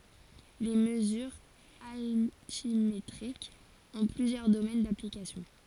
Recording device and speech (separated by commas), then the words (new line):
forehead accelerometer, read sentence
Les mesures altimétriques ont plusieurs domaines d'application.